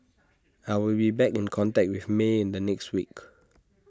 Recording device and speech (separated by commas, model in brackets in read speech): standing microphone (AKG C214), read sentence